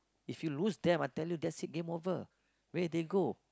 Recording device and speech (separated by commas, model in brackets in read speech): close-talking microphone, conversation in the same room